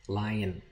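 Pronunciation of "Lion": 'Lion' has two syllables, and the second syllable is made only of the consonant n, a syllabic n.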